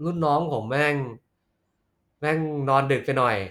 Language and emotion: Thai, neutral